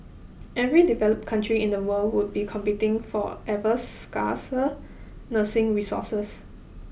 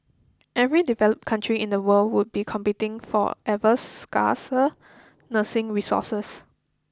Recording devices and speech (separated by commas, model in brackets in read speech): boundary microphone (BM630), close-talking microphone (WH20), read sentence